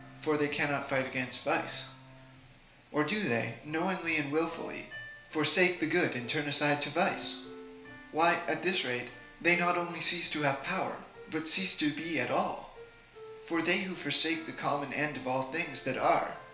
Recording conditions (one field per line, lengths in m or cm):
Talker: one person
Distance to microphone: 1.0 m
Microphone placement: close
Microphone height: 1.1 m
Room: small (3.7 m by 2.7 m)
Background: music